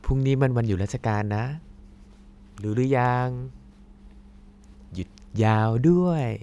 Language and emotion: Thai, happy